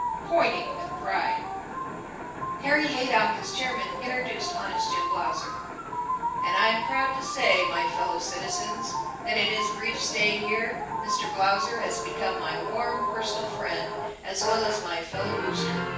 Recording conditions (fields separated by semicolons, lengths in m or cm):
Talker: one person; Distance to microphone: 9.8 m; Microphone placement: far; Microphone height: 1.8 m; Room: large; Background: television